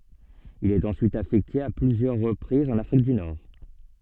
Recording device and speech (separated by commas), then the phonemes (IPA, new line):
soft in-ear microphone, read sentence
il ɛt ɑ̃syit afɛkte a plyzjœʁ ʁəpʁizz ɑ̃n afʁik dy nɔʁ